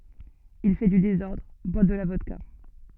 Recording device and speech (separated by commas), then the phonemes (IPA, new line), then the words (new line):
soft in-ear microphone, read sentence
il fɛ dy dezɔʁdʁ bwa də la vɔdka
Il fait du désordre, boit de la vodka.